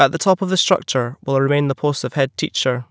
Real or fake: real